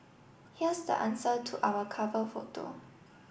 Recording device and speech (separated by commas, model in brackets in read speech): boundary microphone (BM630), read sentence